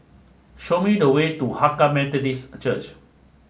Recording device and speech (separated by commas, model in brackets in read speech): mobile phone (Samsung S8), read sentence